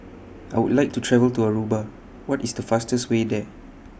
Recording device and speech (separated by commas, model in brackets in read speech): boundary microphone (BM630), read sentence